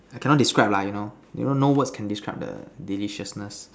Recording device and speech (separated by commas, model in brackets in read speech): standing microphone, conversation in separate rooms